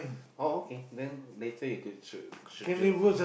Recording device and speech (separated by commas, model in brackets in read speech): boundary microphone, conversation in the same room